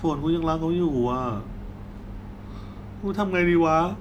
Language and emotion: Thai, sad